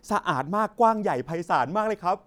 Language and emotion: Thai, happy